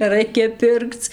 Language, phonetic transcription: Lithuanian, neˈraikia ˈpirkc

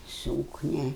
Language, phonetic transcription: Lithuanian, ˈsūknia

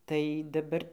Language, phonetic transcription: Lithuanian, tai daˈbar

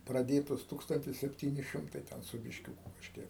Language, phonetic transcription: Lithuanian, praˈdėtos ˈtūkstantis sepˈtyni ˈšimtai ˈten su bišˈkiūku kažˈkiek

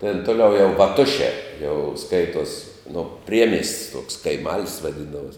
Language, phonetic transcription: Lithuanian, ten toˈliau jau vaˈtušē jau ˈskaituos no ˈpriemies't's' tuoks kaiˈmal's' vaˈdindavuos

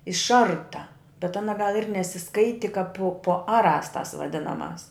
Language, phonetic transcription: Lithuanian, išˈarta bet ˈana gal ir nesiˈskaiti kap pu pu ˈaˌrās tas vaˈdinaˌmās

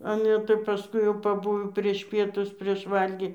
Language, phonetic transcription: Lithuanian, ˈale tai paˈskui jau paˈbuvo prieš ˈpietus prieš ˈvalgį

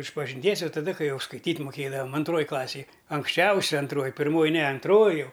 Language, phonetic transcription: Lithuanian, išpažinˈties ˈjau taˈda ˈkai ˈjau skaiˈtyt' muˈkėdavam anˈtroj ˈklasėj anksˈčiausia anˈtroj pirˈmoj ne anˈtroj ˈjau

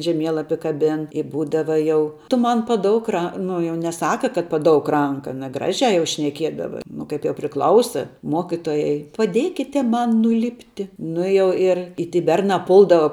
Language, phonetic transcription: Lithuanian, žeˈmielapi kaˈbin i ˈbūdava ˈjau tu ˈman paˈdouk ˈra ˈnu jau neˈsaka kad paˈdouk ˈranka aˈna ˈgražiā jau šneˈkiedava ˈnu kaip jau priˈklausa ˈmokitojai paˈdėkite ˈman nuˈlipti ˈnu i jau ir i ˈty ˈbernā ˈpuldava

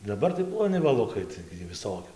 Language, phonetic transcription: Lithuanian, daˈbar tai ploˈni vaˈlukai ˈtaigi jų viˈsokiu

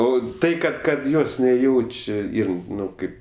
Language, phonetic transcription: Lithuanian, ˈo ˈtai kad ˈkad ˈjos neˈjauč' ˈyr ˈnu ˈkaip

